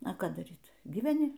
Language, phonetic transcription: Lithuanian, a ˈką daˈryt gyveˈni

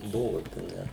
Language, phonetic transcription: Lithuanian, ˈbuvot a ˈne

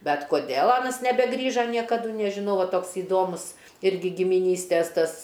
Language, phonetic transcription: Lithuanian, ˈbet koˈdėl ˈanas nebeˈgrįža niekaˈdu nežiˈnau ˈva ˈtoks įˈdomus ˈirgi gimiˈnystės ˈtas

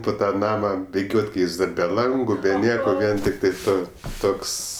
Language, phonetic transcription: Lithuanian, pu ˈtą ˈnama biˈgiot' ˈkai ˈjis dar be ˈlangu be ˈnieko ˈvien tikˈtai ˈtos ˈtoks

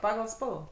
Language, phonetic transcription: Lithuanian, ˈpagal ˈspalva

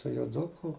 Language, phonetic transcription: Lithuanian, tu joˈduku

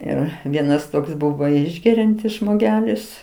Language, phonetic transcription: Lithuanian, ˈir ˈvienas ˈtoks ˈbuvo ˈišgeriantis žmoˈgelis

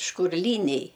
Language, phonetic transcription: Lithuanian, škurˈlyniai

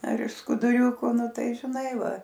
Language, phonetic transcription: Lithuanian, ar iš skuduˈriuku ˈnu ˈtai žiˈnai ˈva

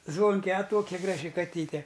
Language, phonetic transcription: Lithuanian, ˈzvonke a ˈtokia ˈgraži kaˈtyte

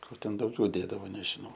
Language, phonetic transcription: Lithuanian, ˈko ˈten ˈdaugiau ˈdėdavo nežiˈnau

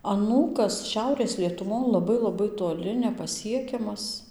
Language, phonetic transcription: Lithuanian, aˈnūkas ˈšiaurės lietuˈvon laˈbai laˈbai toˈli nepaˈsiekiamas

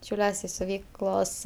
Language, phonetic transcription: Lithuanian, šiauˈliuos' i siuˈvyklos

